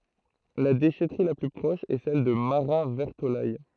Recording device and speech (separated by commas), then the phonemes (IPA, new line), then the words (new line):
throat microphone, read sentence
la deʃɛtʁi la ply pʁɔʃ ɛ sɛl də maʁatvɛʁtolɛj
La déchèterie la plus proche est celle de Marat-Vertolaye.